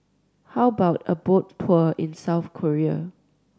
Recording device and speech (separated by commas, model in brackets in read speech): standing microphone (AKG C214), read sentence